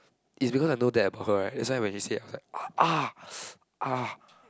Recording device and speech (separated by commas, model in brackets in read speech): close-talking microphone, conversation in the same room